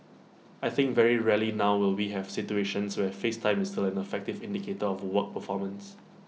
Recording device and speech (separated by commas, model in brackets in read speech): mobile phone (iPhone 6), read sentence